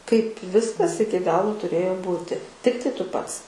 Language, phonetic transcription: Lithuanian, kaip ˈviskas ˈiki ˈgalu tuˈrėjo ˈbūti ˈtiktai ˈtu ˈpats

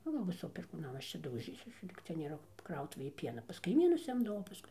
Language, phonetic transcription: Lithuanian, nu ˈviso perkūˌnam ˈaš čia dauˈžysiuos ˈlyg cia nėˈra ˈkrautuvėj ˈpiena pas kaiˈmynus ˈimdavau paˈskui

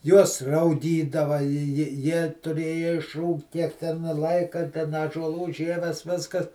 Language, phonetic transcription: Lithuanian, ˈjuos rauˈgydava ji ji jie tuˈrėja išˈrūgt ˈtiek ten ˈlaika ten ąžuoˈlų ˈžieves ˈviskas

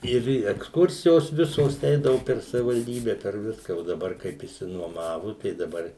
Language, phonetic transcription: Lithuanian, ˈir eksˈkursijos ˈvisos ˈeidavu per savivalˈdybe per ˈviska o daˈbar kaip išsinuoˈmavu tai daˈbar

